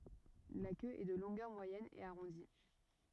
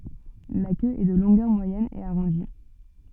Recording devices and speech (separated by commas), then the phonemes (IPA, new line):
rigid in-ear microphone, soft in-ear microphone, read sentence
la kø ɛ də lɔ̃ɡœʁ mwajɛn e aʁɔ̃di